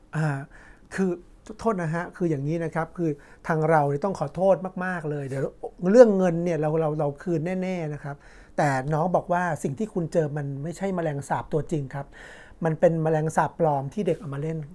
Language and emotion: Thai, neutral